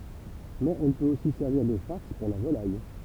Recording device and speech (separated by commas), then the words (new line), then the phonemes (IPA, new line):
temple vibration pickup, read sentence
Mais elle peut aussi servir de farce pour la volaille.
mɛz ɛl pøt osi sɛʁviʁ də faʁs puʁ la volaj